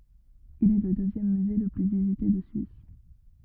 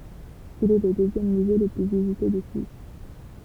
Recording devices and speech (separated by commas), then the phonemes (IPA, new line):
rigid in-ear microphone, temple vibration pickup, read sentence
il ɛ lə døzjɛm myze lə ply vizite də syis